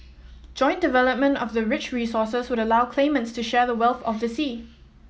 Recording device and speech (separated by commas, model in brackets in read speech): mobile phone (iPhone 7), read sentence